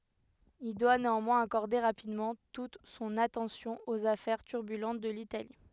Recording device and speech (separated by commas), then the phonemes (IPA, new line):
headset microphone, read sentence
il dwa neɑ̃mwɛ̃z akɔʁde ʁapidmɑ̃ tut sɔ̃n atɑ̃sjɔ̃ oz afɛʁ tyʁbylɑ̃t də litali